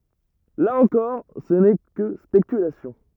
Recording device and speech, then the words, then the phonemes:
rigid in-ear microphone, read sentence
Là encore, ce n'est que spéculations.
la ɑ̃kɔʁ sə nɛ kə spekylasjɔ̃

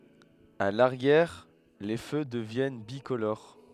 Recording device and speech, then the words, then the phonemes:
headset microphone, read sentence
A l'arrière, les feux deviennent bicolores.
a laʁjɛʁ le fø dəvjɛn bikoloʁ

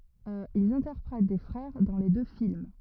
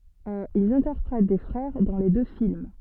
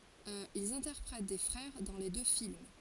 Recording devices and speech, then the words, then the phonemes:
rigid in-ear microphone, soft in-ear microphone, forehead accelerometer, read sentence
Ils interprètent des frères dans les deux films.
ilz ɛ̃tɛʁpʁɛt de fʁɛʁ dɑ̃ le dø film

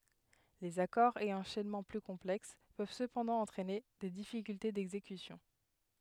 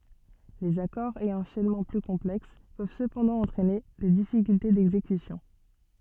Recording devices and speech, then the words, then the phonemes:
headset microphone, soft in-ear microphone, read sentence
Les accords et enchaînements plus complexes peuvent cependant entraîner des difficultés d'exécution.
lez akɔʁz e ɑ̃ʃɛnmɑ̃ ply kɔ̃plɛks pøv səpɑ̃dɑ̃ ɑ̃tʁɛne de difikylte dɛɡzekysjɔ̃

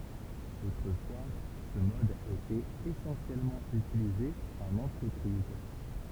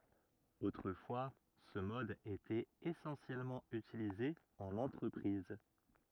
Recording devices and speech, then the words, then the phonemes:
temple vibration pickup, rigid in-ear microphone, read sentence
Autrefois ce mode était essentiellement utilisé en entreprise.
otʁəfwa sə mɔd etɛt esɑ̃sjɛlmɑ̃ ytilize ɑ̃n ɑ̃tʁəpʁiz

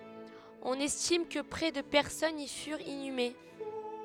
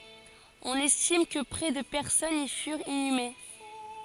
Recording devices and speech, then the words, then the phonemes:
headset microphone, forehead accelerometer, read sentence
On estime que près de personnes y furent inhumées.
ɔ̃n ɛstim kə pʁɛ də pɛʁsɔnz i fyʁt inyme

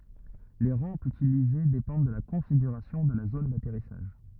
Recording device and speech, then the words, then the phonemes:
rigid in-ear microphone, read sentence
Les rampes utilisées dépendent de la configuration de la zone d'atterrissage.
le ʁɑ̃pz ytilize depɑ̃d də la kɔ̃fiɡyʁasjɔ̃ də la zon datɛʁisaʒ

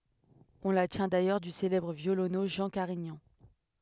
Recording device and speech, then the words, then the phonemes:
headset microphone, read sentence
On la tient d’ailleurs du célèbre violoneux Jean Carignan.
ɔ̃ la tjɛ̃ dajœʁ dy selɛbʁ vjolonø ʒɑ̃ kaʁiɲɑ̃

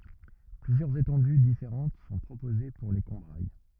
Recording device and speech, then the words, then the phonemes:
rigid in-ear microphone, read sentence
Plusieurs étendues différentes sont proposées pour les Combrailles.
plyzjœʁz etɑ̃dy difeʁɑ̃t sɔ̃ pʁopoze puʁ le kɔ̃bʁaj

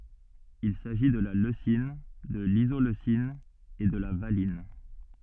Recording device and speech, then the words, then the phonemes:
soft in-ear microphone, read sentence
Il s'agit de la leucine, de l'isoleucine et de la valine.
il saʒi də la løsin də lizoløsin e də la valin

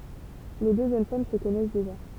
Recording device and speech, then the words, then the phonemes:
temple vibration pickup, read sentence
Les deux jeunes femmes se connaissent déjà.
le dø ʒøn fam sə kɔnɛs deʒa

